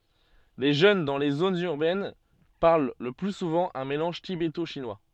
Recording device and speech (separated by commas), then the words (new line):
soft in-ear microphone, read sentence
Les jeunes dans les zones urbaines parlent le plus souvent un mélange tibéto-chinois.